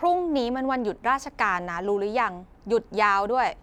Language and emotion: Thai, frustrated